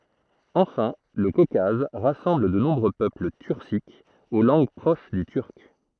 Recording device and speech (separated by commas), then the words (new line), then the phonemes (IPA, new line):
throat microphone, read sentence
Enfin, le Caucase rassemble de nombreux peuples turciques, aux langues proches du turc.
ɑ̃fɛ̃ lə kokaz ʁasɑ̃bl də nɔ̃bʁø pøpl tyʁsikz o lɑ̃ɡ pʁoʃ dy tyʁk